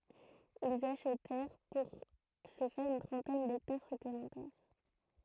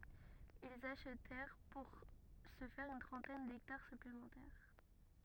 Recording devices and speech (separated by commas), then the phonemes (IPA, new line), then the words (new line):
throat microphone, rigid in-ear microphone, read sentence
ilz aʃtɛʁ puʁ sə fɛʁ yn tʁɑ̃tɛn dɛktaʁ syplemɑ̃tɛʁ
Ils achetèrent pour ce faire une trentaine d’hectares supplémentaires.